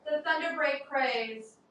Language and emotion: English, neutral